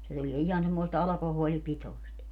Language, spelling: Finnish, se tulee ihan semmoista alkoholipitoista
- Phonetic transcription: se tulie 'ihan semmoist "alakohoolipitoi̮st .

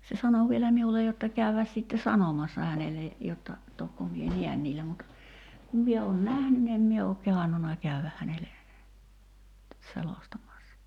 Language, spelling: Finnish, se sanoi vielä minulle jotta käydä sitten sanomassa hänelle jotta tokko minä näen niillä mutta kun minä olen nähnyt niin en minä ole kehdannut käydä hänelle selostamassa
- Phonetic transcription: se 'sano vielä 'miulej̆ jotta 'käyväs sitte "sanomassa hänele , 'jotta , 'tokko mie "niän niillä mut , kum 'mie oon "nähny ni em mie ok 'kehannuna 'käyväk hänele , 'selostamassa .

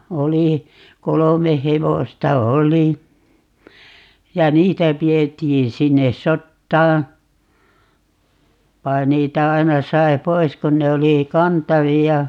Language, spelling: Finnish, oli kolme hevosta oli ja niitä pidettiin sinne sotaan vaan niitä aina sai pois kun ne oli kantavia
- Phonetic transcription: 'oli , 'kolome "hevosta "oli , ja 'niitä 'pi₍ettiin 'sinne "sottaa , 'vai̮ 'niitä 'aina 'sai̮ "pois 'kun ne oli , "kantavi₍a .

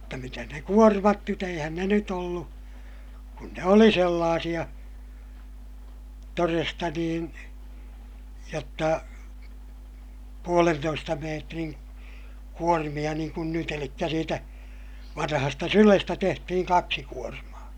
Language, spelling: Finnish, mutta mitäs ne kuormat nyt eihän ne nyt ollut kun ne oli sellaisia todesta niin jotta puolentoista metrin kuormia niin kuin nyt eli siitä vanhasta sylestä tehtiin kaksi kuormaa
- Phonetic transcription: mutta mitäs ne kuormat nyt ‿eihän ne nyt ‿ollu , kun ne oli sellaasiʲa , toresta niin , jotta , puolentoista meetriŋ , kuormiʲa niiŋ kun nyt ‿elikkä siitä , vanahasta sylestä tehtihiŋ kaksi kuormaa .

